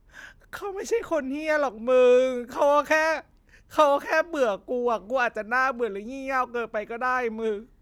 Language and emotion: Thai, sad